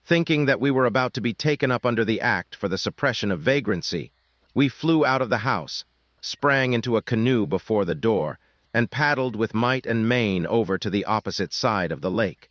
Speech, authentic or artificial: artificial